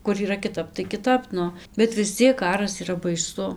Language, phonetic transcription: Lithuanian, kur yˈra kiˈtap tai kiˈtap ˈnu bet vis ˈciek ˈkaras yˈra baiˈsu

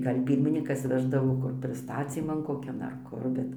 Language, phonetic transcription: Lithuanian, ˈgal' ˈpyrminykas ˈveždavo ˈkur prisˈtacyman koˈkian ar ˈkur ˈbet

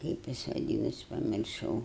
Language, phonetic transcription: Lithuanian, ˈkaip jis vaˈdynas pamirˈšau

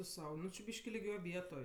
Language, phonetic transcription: Lithuanian, tu ˈsau ˈnu či ˈbyški liˈgioj ˈvietoj

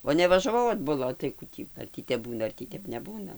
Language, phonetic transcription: Lithuanian, o nevažaˈvau atbuˈla o tai ˈkų tį ar ˈtį tep ˈbūna ar tį ˈtep neˈbūna

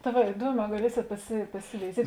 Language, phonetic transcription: Lithuanian, ta ˈva iˈduoˌmē gaˈliesėt pasi pasiveiˈziet'

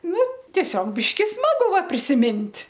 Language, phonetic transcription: Lithuanian, ˈnu tieˈsiog ˈbiški ˈsmagu ˈva prisiˈmint'

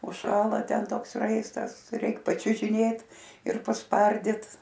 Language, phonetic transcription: Lithuanian, užˈšąla ˈten ˈtoks ˈraistas ˈtai ˈreik pačiužiˈnėt ir pasˈpardit

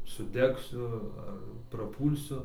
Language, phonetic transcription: Lithuanian, suˈdegsiu ar praˈpūlsiu

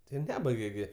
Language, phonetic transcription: Lithuanian, tai ˈnebaige gi

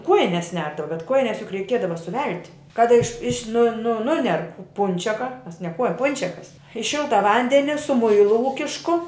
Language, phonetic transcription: Lithuanian, ˈkuojines ˈnerdava bet ˈkuojines juk reiˈkiedava suˈvelti kad iš iš' nu nu ˈnuner ˈpunčeka ˈmes ne ˈkuoj ˈpunčiakas i ˈšilta ˈvandeni su ˈmuilu ˈūkišku

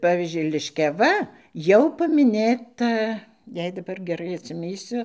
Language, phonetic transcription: Lithuanian, ˈpavyzdžiui liškiaˈva ˈjau pamiˈnėta ˈjei daˈbar geˈrai atsiˈmįsiu

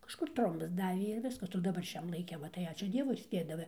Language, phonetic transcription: Lithuanian, kažˈkur ˈtrombas ˈdavė ir ˈviskas o daˈbar ˈšiam laiˈke ˈva tai ˈačiū ˈdievui ˈspėdava

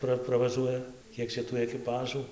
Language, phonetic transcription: Lithuanian, ˈpra pravaˈžuoja ˈkiek čia tų ekiˈpažų

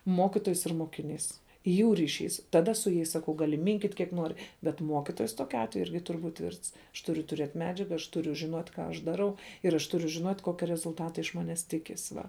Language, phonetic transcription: Lithuanian, ˈmokitojas ir mokiˈnys jų riˈšys taˈda su jais saˈkau gaˈli ˈminkyt' kiek ˈnori bet ˈmuokitojas ˈtokiu ˈatveju ˈirgi ˈtur' ˈbūt' ˈtvirts aš ˈturiu tuˈriet' ˈmedžiaga aš ˈturiu žiˈnuot' ˈką aš daˈrau ir aš ˈturiu žinot' ˈkokia rezulˈtata iš ˈmanes ˈtikis ˈva

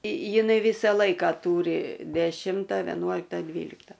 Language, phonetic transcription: Lithuanian, jiˈnai ˈvysa ˈlaika ˈtūri deˈšimta veˈnuolikta ˈdvylikta

